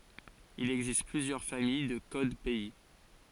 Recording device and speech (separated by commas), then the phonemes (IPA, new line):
forehead accelerometer, read sentence
il ɛɡzist plyzjœʁ famij də kod pɛi